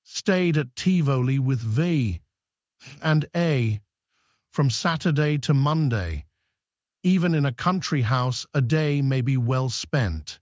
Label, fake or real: fake